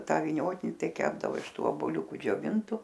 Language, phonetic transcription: Lithuanian, ˈtą viˈniotini ˈtai ˈkepdavo iš ˈtų oboˈliuku džioˈvintu

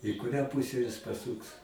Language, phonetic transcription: Lithuanian, i kuˈrią ˈpūse jis paˈsūks

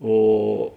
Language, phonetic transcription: Lithuanian, ˈo

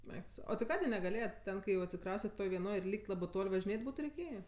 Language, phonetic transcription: Lithuanian, ˈeik tu ˈsau ˈo ti ˈkadė negaˈlėjet' ˈten kai jau atsiˈkraustet ˈtoj vieˈnoj ir ˈlyk't' ˈlabɜ ˈtol' važiˈnėt' ˈbūtu reiˈkėjė

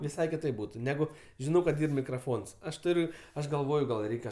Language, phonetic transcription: Lithuanian, viˈsai kiˈtaip ˈbūtu ˈnegu žiˈnau kad ˈyr mikraˈfons ˈaš ˈturiu ˈaš galˈvoju gal ˈreikia

